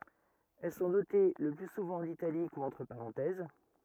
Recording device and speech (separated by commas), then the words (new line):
rigid in-ear microphone, read sentence
Elles sont notées le plus souvent en italique ou entre parenthèses.